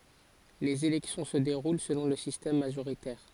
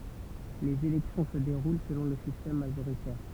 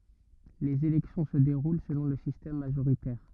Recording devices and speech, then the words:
forehead accelerometer, temple vibration pickup, rigid in-ear microphone, read sentence
Les élections se déroulent selon le système majoritaire.

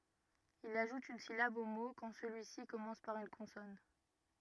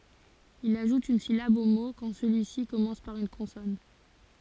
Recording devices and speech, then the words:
rigid in-ear microphone, forehead accelerometer, read sentence
Il ajoute une syllabe au mot quand celui-ci commence par une consonne.

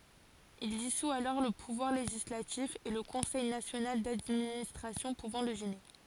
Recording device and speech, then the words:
forehead accelerometer, read sentence
Il dissout alors le pouvoir législatif et le Conseil national d'administration pouvant le gêner.

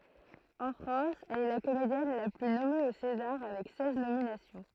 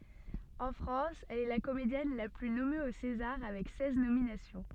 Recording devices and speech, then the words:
throat microphone, soft in-ear microphone, read sentence
En France, elle est la comédienne la plus nommée aux Césars avec seize nominations.

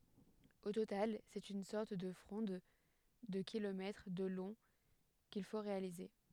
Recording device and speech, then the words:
headset microphone, read sentence
Au total, c'est une sorte de fronde de kilomètres de long qu'il faut réaliser.

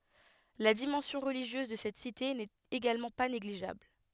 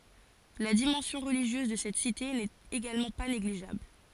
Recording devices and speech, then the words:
headset microphone, forehead accelerometer, read sentence
La dimension religieuse de cette cité n’est également pas négligeable.

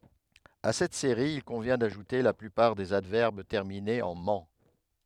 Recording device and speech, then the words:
headset microphone, read sentence
À cette série, il convient d'ajouter la plupart des adverbes terminés en -ment.

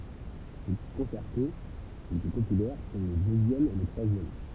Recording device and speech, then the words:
temple vibration pickup, read sentence
Ses concertos les plus populaires sont le deuxième et le troisième.

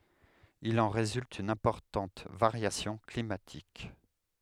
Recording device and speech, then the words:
headset microphone, read sentence
Il en résulte une importante variation climatique.

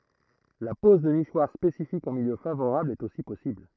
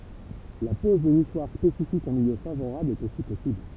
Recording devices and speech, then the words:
throat microphone, temple vibration pickup, read sentence
La pose de nichoirs spécifiques en milieu favorable est aussi possible.

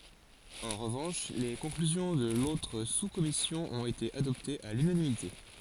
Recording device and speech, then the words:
forehead accelerometer, read sentence
En revanche, les conclusions de l'autre sous-commission ont été adoptées à l'unanimité.

